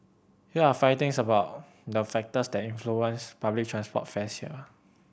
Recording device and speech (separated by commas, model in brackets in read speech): boundary microphone (BM630), read sentence